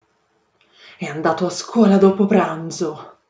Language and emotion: Italian, angry